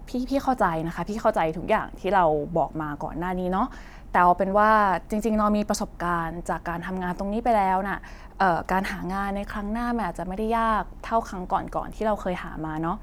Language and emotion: Thai, neutral